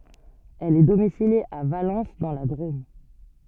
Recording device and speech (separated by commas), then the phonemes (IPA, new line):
soft in-ear microphone, read sentence
ɛl ɛ domisilje a valɑ̃s dɑ̃ la dʁom